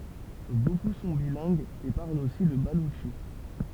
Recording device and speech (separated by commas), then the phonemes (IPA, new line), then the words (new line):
temple vibration pickup, read sentence
boku sɔ̃ bilɛ̃ɡz e paʁlt osi lə balutʃi
Beaucoup sont bilingues et parlent aussi le baloutchi.